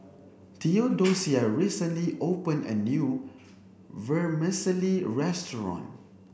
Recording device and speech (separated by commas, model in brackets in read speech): boundary microphone (BM630), read sentence